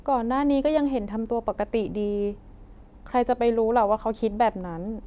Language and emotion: Thai, sad